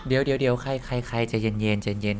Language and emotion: Thai, neutral